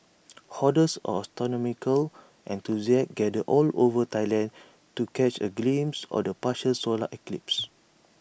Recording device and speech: boundary microphone (BM630), read sentence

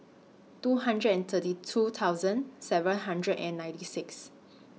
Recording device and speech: mobile phone (iPhone 6), read sentence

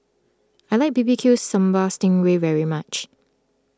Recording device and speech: close-talking microphone (WH20), read sentence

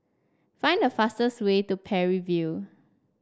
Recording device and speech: standing microphone (AKG C214), read sentence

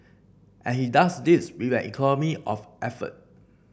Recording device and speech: boundary microphone (BM630), read sentence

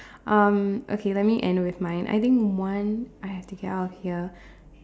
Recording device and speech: standing microphone, conversation in separate rooms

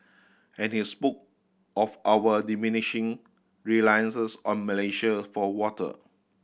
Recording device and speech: boundary microphone (BM630), read sentence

